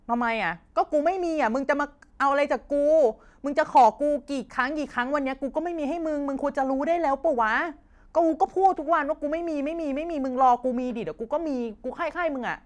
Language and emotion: Thai, angry